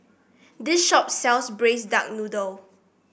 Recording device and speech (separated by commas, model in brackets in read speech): boundary microphone (BM630), read sentence